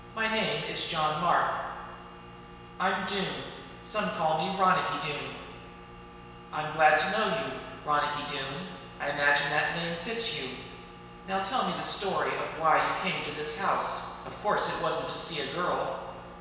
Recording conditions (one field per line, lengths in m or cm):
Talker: one person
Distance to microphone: 1.7 m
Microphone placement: close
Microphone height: 1.0 m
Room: very reverberant, large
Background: none